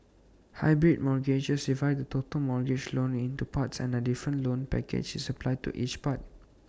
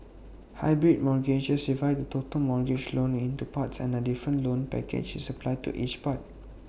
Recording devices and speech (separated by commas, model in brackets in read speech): standing microphone (AKG C214), boundary microphone (BM630), read sentence